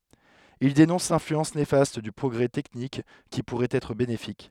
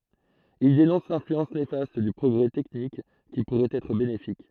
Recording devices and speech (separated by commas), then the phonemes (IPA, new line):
headset microphone, throat microphone, read sentence
il denɔ̃s lɛ̃flyɑ̃s nefast dy pʁɔɡʁɛ tɛknik ki puʁɛt ɛtʁ benefik